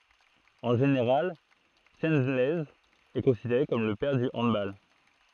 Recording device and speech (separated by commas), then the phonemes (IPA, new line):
throat microphone, read sentence
ɑ̃ ʒeneʁal ʃəlɛnz ɛ kɔ̃sideʁe kɔm lə pɛʁ dy ɑ̃dbal